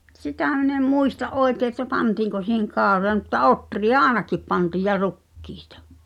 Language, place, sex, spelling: Finnish, Pihtipudas, female, mutta sitä minä en muista oikein että pantiinko siihen kauroja mutta ohria ainakin pantiin ja rukiita
- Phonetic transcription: M[u]t 'sitä̀ min ‿em "muista’ '’oekee ᵉt̆tä "pantiiŋko si̳heŋ 'kaaᵒroja mutta "’otri₍a "aaᵉnakip pantìj ja 'rukkɪɪtᴀ .

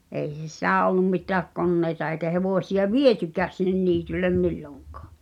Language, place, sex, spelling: Finnish, Pihtipudas, female, ei ollut mitään koneita eikä hevosia vietykään sinne niitylle milloinkaan
- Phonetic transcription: èi ’ol̆lum mit̳ääk "konnèita eĭkä 'hevòsi₍a "vietykääs sinnen 'niityllem "milloŋkᴀᴀ .

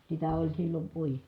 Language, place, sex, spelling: Finnish, Kitee, female, sitä oli silloin -
- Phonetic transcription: sitä oĺ sillom puoji- ,.

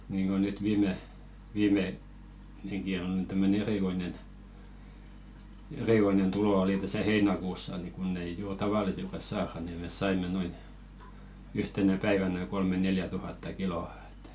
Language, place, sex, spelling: Finnish, Velkua, male, niin että niin kuin nyt viime viime sekin on nyt tämmöinen erikoinen erikoinen tulo oli tässä heinäkuussa niin kun ei juuri tavallisesti saada niin me saimme noin yhtenä päivänä kolme neljä tuhatta kiloa että
- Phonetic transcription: ɴɪɪɴ ᴇt niiŋɢo nyt 'viime , viime , 'seki on ny tämmöne "erìkoinen , "erìkoinen 'tulò oli täsä "heina̳§kuussa ni kunn ‿ei 'juur "tavalisestas 'saara ni mes 'saim̆me noin , 'yhtenä päivänä 'kolme neljä 'tuhatta "kilo₍ᴀ ᴇttᴀ̈ .

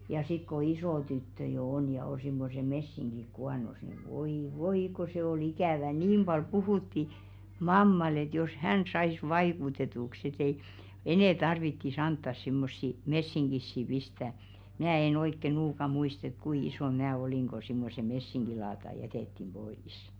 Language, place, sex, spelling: Finnish, Velkua, female, ja sitten kun iso tyttö jo on ja on semmoiset messingit kuonossa niin voi voi kun se oli ikävä niin paljon puhuttiin mammalle että jos hän saisi vaikutetuksi että ei enää tarvitsisi antaa semmoisia messinkisiä pistää minä en oikein nuukaan muista että kuinka isona minä olin kun semmoiset messinkilaatat jätettiin pois
- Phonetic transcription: ja sik ko 'isò tyttö jo 'on ja o simmose 'messiŋɢik 'kuanos ni voi 'voi ko se o"l ‿ikä̀vä niim ʙal 'puhùtti , 'mammal ‿et jos "hän sais "vaikutetuks et ‿ei , 'enɛ̀ tarvitti's ‿anttas simmossi "messiŋɢissi 'pistää , 'mnää en ‿oikke 'nuuka muist ‿et "kui 'isòn 'mnää oliŋ ɢo simmose 'messiŋɢilaata "jätèttim 'ʙois .

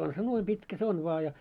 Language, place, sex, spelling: Finnish, Moloskovitsa, male, on se noin pitkä se on vain ja
- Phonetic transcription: on se 'nuoi 'pitkä se 'on vᵒa ja .

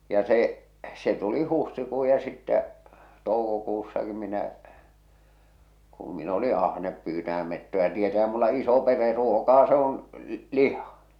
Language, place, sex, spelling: Finnish, Salla, male, ja se se tuli huhtikuu ja sitten toukokuussakin minä kun minä oli ahne pyytämään metsoja tietäähän minulla iso perhe ruokaa se on liha
- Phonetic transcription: ja 'se , se tuli 'huhtikuu ja sittä , 'toukokussaki minä , kum min ‿oli 'ahnep pyytäʰäm mettoja tietähᴀ̈ᴍ mulla 'iso 'pere 'ruokaa se on , "liha .

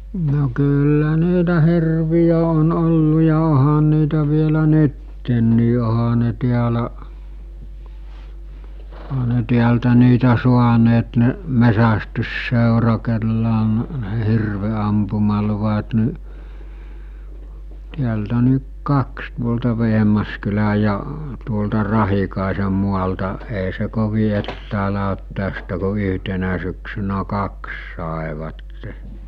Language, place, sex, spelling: Finnish, Mikkeli, male, no kyllä niitä hirviä on ollut ja onhan niitä vielä nytkin onhan ne täällä onhan ne täältä niitä saaneet ne metsästysseura kenellä on ne hirvenampumaluvat niin täältä niin kaksi tuolta Vehmaskylän ja tuolta Rahikaisen maalta ei se kovin etäällä ole tästä kun yhtenä syksynä kaksi saivat
- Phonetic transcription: no kyllä 'niitä 'hirvijä on 'ollu ja 'ohan niitä vielä 'nyttennii oha ne tiälä , oha ne 'tiältä niitä 'suaneet ne , "mesästyssèura kellä on , ne 'hirve₍ampumaluvat ni , tiältä ni , 'kaks tuolta 'Veɦmaskyläj̆ ja , tuolta 'Rahikàese mualta , èḙ se 'kovi ettäälä ot tästä ko 'yɦtenä syksynä 'kaks sàevatte .

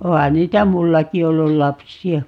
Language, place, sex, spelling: Finnish, Paavola, female, onhan niitä minullakin ollut lapsia
- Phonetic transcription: 'oha 'niitä "mullaki 'ollul 'lapsi₍a .

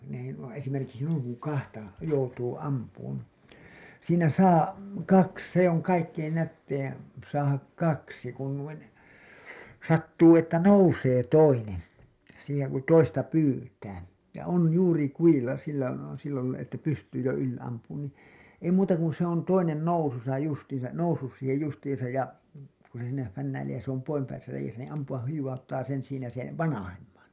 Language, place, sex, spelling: Finnish, Hailuoto, male, no ei nuo esimerkiksi noin kun kahta joutuu ampumaan siinä saa kaksi se on kaikkein nätein saada kaksi kun noin sattuu että nousee toinen siihen kun toista pyytää ja on juuri kudilla silloin on sillä lailla että pystyy jo yli ampumaan niin ei muuta kuin se on toinen nousussa justiinsa noussut siihen justiinsa ja kun se siinä fännäilee ja se on poispäin siinä reiässä niin ampua hivauttaa sen siinä sen vanhemman
- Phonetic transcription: n ‿ei nuo esimerkiksi nuiŋ kuŋ "kahta , "joutuu , "ampuun , siinä "saa , 'kaks se ‿oŋ kaikkein nättein , saahak "kaksi kun nuin , 'sattuu että "nousee 'toinen , siiheŋ ku "toista 'pyytää , ja on 'juuri 'kujilla sillon on , sillälailla että pystyy jo yl(i) ampuun nii , ei muuta kun se ‿on 'toinen 'noususa justiin̬sa , 'noussus siihej justiiḭsaj ja , kun̬ se siinä fännäilee ja se ‿om (poimpäin) siinä reijäsä niin ampu₍ah hiwwauttaa sen siinä sen̬ "vanahemmaN .

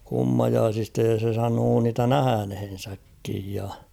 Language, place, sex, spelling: Finnish, Kauhava, male, kummajaisista ja se sanoi niitä nähneensäkin ja
- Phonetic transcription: 'kummajaasista ja se 'sanoo niitä "nähänhen̬säkkij ja .

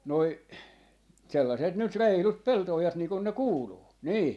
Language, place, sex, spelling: Finnish, Jaala, male, nuo sellaiset nyt reilut pelto-ojat niin kuin ne kuuluu niin
- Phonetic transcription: noi , sellaset nyt 'reilut "pelto₍ojat 'nii kun ne "kuuluu , 'nii .

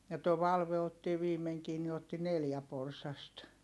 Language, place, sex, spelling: Finnish, Heinola, female, ja tuo Valve otti viimeinkin niin otti neljä porsasta
- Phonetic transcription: ja too Valve otti viimeŋkii ni otti neljä porsast .

